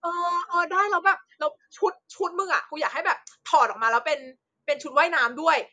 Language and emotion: Thai, happy